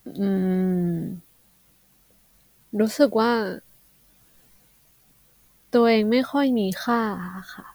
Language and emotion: Thai, neutral